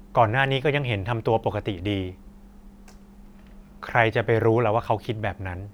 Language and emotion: Thai, neutral